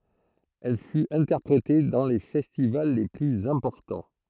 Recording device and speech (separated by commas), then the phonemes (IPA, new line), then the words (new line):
throat microphone, read sentence
ɛl fyt ɛ̃tɛʁpʁete dɑ̃ le fɛstival le plyz ɛ̃pɔʁtɑ̃
Elle fut interprétée dans les festivals les plus importants.